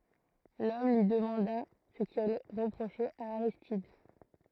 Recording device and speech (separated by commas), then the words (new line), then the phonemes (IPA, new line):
throat microphone, read sentence
L'homme lui demanda ce qu'il reprochait à Aristide.
lɔm lyi dəmɑ̃da sə kil ʁəpʁoʃɛt a aʁistid